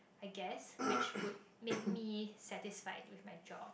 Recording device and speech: boundary microphone, conversation in the same room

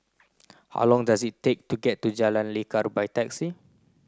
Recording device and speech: close-talking microphone (WH30), read sentence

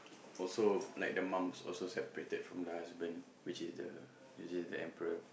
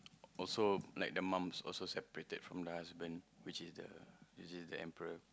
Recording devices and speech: boundary microphone, close-talking microphone, conversation in the same room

